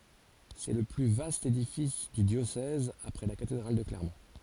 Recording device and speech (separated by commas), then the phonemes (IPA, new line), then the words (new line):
forehead accelerometer, read sentence
sɛ lə ply vast edifis dy djosɛz apʁɛ la katedʁal də klɛʁmɔ̃
C'est le plus vaste édifice du diocèse après la cathédrale de Clermont.